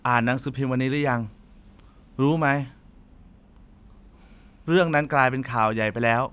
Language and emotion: Thai, frustrated